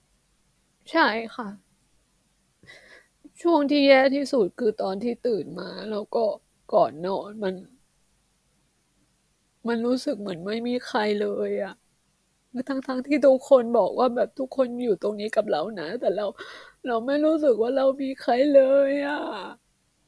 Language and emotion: Thai, sad